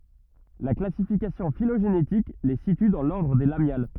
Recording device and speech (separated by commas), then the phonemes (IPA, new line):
rigid in-ear microphone, read sentence
la klasifikasjɔ̃ filoʒenetik le sity dɑ̃ lɔʁdʁ de lamjal